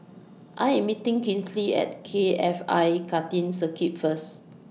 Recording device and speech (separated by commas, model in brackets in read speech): mobile phone (iPhone 6), read sentence